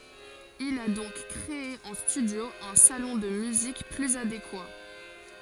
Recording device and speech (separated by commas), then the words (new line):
forehead accelerometer, read sentence
Il a donc créé en studio un salon de musique plus adéquat.